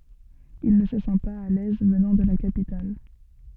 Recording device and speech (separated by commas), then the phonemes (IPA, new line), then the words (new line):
soft in-ear microphone, read sentence
il nə sə sɑ̃ paz a lɛz vənɑ̃ də la kapital
Il ne se sent pas à l'aise, venant de la capitale.